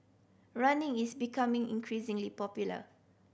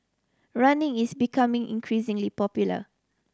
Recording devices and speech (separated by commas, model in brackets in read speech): boundary microphone (BM630), standing microphone (AKG C214), read sentence